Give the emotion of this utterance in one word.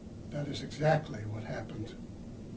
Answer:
neutral